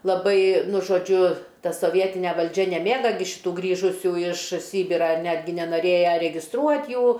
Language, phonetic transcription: Lithuanian, laˈbai ˈnu žoˈdžiu ˈta soˈvietine valˈdžia neˈmėga šiˈtų ˈgrįžusių iš ˈsybirą ir ˈnetgi nenaˈrėja regisˈtruot' ˈjų

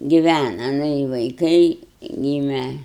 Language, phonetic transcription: Lithuanian, giˈvæna ˈnu i vaiˈkai ˈgyme

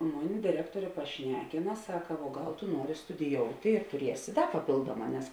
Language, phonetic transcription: Lithuanian, ˈmuˌni diˈrektuorė paˈšnekina ˈsaka vuo ˈgal tu ˈnuori studiˈjouti tuˈriesi ˈda paˈpėlduoˌmā nes

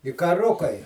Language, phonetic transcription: Lithuanian, i kaˈrukai

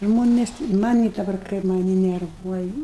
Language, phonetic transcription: Lithuanian, ˈžmonės maˈnį daˈbar ˈkaip maˈnį nerˈvuoj

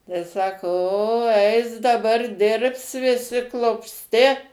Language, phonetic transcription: Lithuanian, tai ˈsako o ˈeis daˈbar ˈdirbs viˈsi klupsˈti

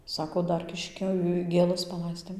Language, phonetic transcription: Lithuanian, ˈsako ˈdar ˈkiškio gėˈlas paˈlaistėm

